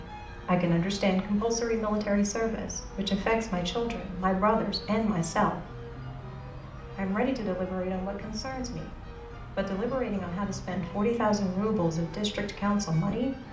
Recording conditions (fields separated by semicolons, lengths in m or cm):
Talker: one person; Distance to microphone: 2.0 m; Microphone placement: close; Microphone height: 99 cm; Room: medium-sized (5.7 m by 4.0 m); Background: music